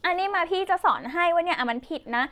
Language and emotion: Thai, frustrated